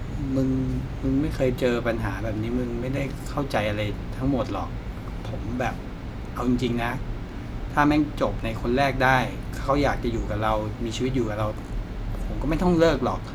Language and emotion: Thai, sad